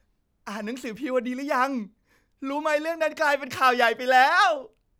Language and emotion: Thai, happy